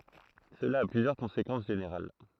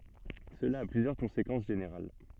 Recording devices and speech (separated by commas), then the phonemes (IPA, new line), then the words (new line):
throat microphone, soft in-ear microphone, read sentence
səla a plyzjœʁ kɔ̃sekɑ̃s ʒeneʁal
Cela a plusieurs conséquences générales.